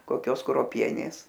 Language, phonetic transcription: Lithuanian, koˈkios kruoˈpienės

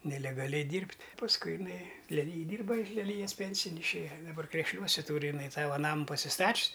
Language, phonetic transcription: Lithuanian, nelegaˈliai ˈdyrbt' pasˈkui iˈnai leˈlyjij ˈdyrba ir leˈlyjas ˈpensijin išˈėja daˈbar krešˈliuose ˈtūri iˈnai ˈsavo ˈnamu pasiˈstačis

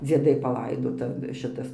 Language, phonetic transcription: Lithuanian, dzieˈdai paˈlaidota ˈšitas

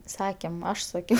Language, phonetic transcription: Lithuanian, ˈsakėm ˈaš saˈkiau

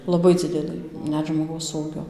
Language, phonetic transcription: Lithuanian, laˈbai ˈdzidelɨ ˈnet žmoˈgaus ˈūgio

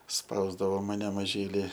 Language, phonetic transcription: Lithuanian, ˈspausdavo maˈne maˈžyli

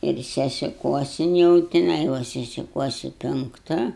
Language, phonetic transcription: Lithuanian, ir sesiˈkuosin jau tiˈnai ˈva sesiˈkuosi penkˈta

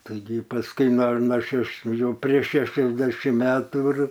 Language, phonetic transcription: Lithuanian, taiˈgi pasˈkui no no šeˈš ˈjau prieš ˈšešiasdešim ˈmetų ir

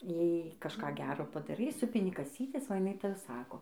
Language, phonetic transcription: Lithuanian, ˈjai kažˈką ˈgero padaˈrai ˈsupini kaˈsytes o jiˈnai ˈtaˈsako

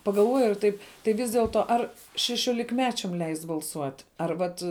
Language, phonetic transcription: Lithuanian, pagalˈvoju ir ˈtaip tai ˈvis dielˈto ˈar šešiolikˈmečiam ˈleist' balˈsuot' ar ˈvat

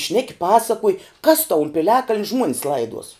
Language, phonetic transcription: Lithuanian, ˈšneki ˈpasakuoj kas tau un piˈliakaln' ˈžmuonis ˈlaiduos

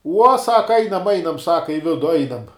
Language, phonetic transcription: Lithuanian, uo ˈsaka ˈainam ˈainam ˈsaka i ˈvidu ˈainam

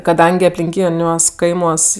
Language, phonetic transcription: Lithuanian, kaˈdangi aplinˈkyniuos ˈkaimuos

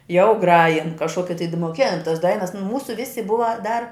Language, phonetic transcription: Lithuanian, jau ˈgrajin kažˈkoki tai d moˈkėn tas ˈdainas nu ˈmūsu ˈvisi ˈbuva dar

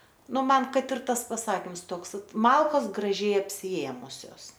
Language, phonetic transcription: Lithuanian, ˈnu ˈman ˈkad ir ˈtas paˈsakims ˈtoks ˈvat ˈmalkos graˈžiai apsiˈėmusios

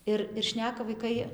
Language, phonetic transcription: Lithuanian, ˈir ir ˈšneka vaiˈkai

